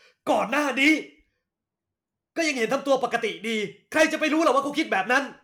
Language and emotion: Thai, angry